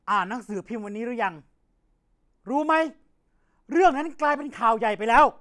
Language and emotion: Thai, angry